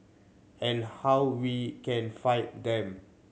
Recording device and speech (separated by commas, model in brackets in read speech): mobile phone (Samsung C7100), read sentence